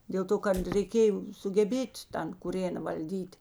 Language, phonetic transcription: Lithuanian, dėl ˈto kad reiˈkėjo sugeˈbėt' ˈtan kuˈrėna valˈdyt'

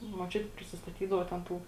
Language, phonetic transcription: Lithuanian, muoˈčiuti prisisˈtatydavo ten ˈtų

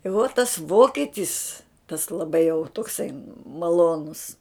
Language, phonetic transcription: Lithuanian, i vo tas ˈvoketis tas laˈbai jau tokˈsai maˈlonus

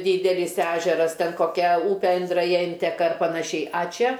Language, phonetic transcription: Lithuanian, ˈdydelis ˈežeras ˈten koˈkia ˈūpe indraˈja ˈinteka ar panaˈšiai a ˈčia

